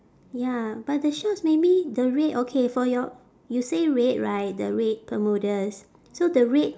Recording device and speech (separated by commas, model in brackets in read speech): standing microphone, conversation in separate rooms